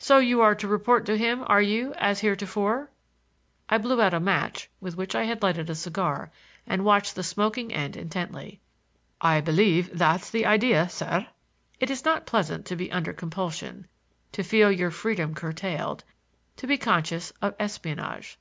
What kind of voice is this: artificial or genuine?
genuine